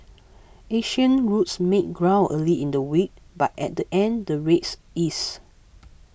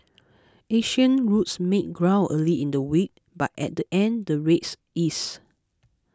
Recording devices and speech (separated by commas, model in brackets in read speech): boundary microphone (BM630), close-talking microphone (WH20), read sentence